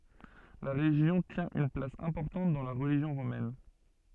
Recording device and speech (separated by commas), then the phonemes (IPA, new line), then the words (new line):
soft in-ear microphone, read sentence
la ʁeʒjɔ̃ tjɛ̃ yn plas ɛ̃pɔʁtɑ̃t dɑ̃ la ʁəliʒjɔ̃ ʁomɛn
La région tient une place importante dans la religion romaine.